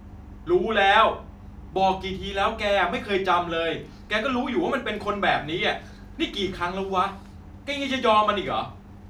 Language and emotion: Thai, angry